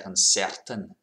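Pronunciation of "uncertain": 'Uncertain' is said in a Scottish accent, with the R sounded in the er sound of the second syllable.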